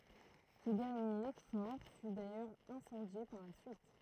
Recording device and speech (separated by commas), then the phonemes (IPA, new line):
throat microphone, read sentence
sə dɛʁnje fɔʁ fy dajœʁz ɛ̃sɑ̃dje paʁ la syit